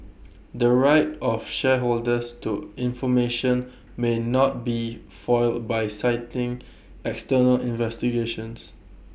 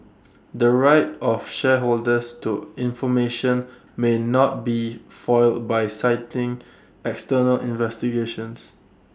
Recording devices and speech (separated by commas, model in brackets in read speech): boundary microphone (BM630), standing microphone (AKG C214), read sentence